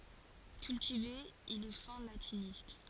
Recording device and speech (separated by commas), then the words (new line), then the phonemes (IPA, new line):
forehead accelerometer, read sentence
Cultivé, il est fin latiniste.
kyltive il ɛ fɛ̃ latinist